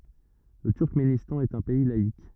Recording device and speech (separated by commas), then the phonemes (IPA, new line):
rigid in-ear microphone, read sentence
lə tyʁkmenistɑ̃ ɛt œ̃ pɛi laik